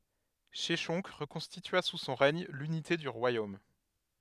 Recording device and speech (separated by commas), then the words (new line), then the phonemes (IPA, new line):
headset microphone, read sentence
Sheshonq reconstitua sous son règne l'unité du royaume.
ʃɛʃɔ̃k ʁəkɔ̃stitya su sɔ̃ ʁɛɲ lynite dy ʁwajom